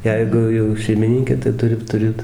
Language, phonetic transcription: Lithuanian, ˈjeigu jau šeimiˈninkė tai ˈturi tuˈrėt

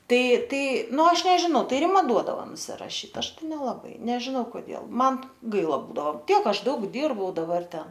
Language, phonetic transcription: Lithuanian, ˈtai ˈtai ˈnu ˈaš nežiˈnau ˈtai riˈma ˈduodavo nusiraˈšyt ˈaš ˈtai nelaˈbai nežiˈnau koˈdėl ˈman ˈgaila ˈbūdavo ˈtiek ˈaš ˈdaug ˈdyrbau daˈbar ˈten

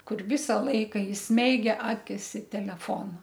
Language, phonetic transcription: Lithuanian, ˈkur ˈvisa ˈlaika isˈmeigia ˈakis i teleˈfona

